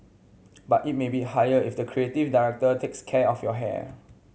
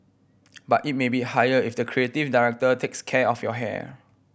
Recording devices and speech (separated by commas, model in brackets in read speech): mobile phone (Samsung C7100), boundary microphone (BM630), read sentence